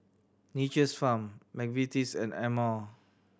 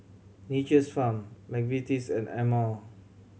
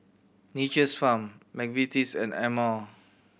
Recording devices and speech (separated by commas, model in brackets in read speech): standing microphone (AKG C214), mobile phone (Samsung C7100), boundary microphone (BM630), read sentence